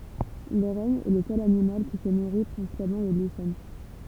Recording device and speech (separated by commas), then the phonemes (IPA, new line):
temple vibration pickup, read sentence
lə ʁɛn ɛ lə sœl animal ki sə nuʁi pʁɛ̃sipalmɑ̃ də liʃɛn